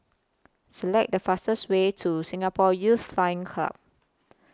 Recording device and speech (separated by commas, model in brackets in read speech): close-talking microphone (WH20), read sentence